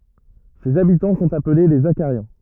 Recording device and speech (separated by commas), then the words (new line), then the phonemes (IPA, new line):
rigid in-ear microphone, read sentence
Ses habitants sont appelés les Zachariens.
sez abitɑ̃ sɔ̃t aple le zaʃaʁjɛ̃